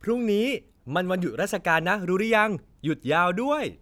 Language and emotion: Thai, happy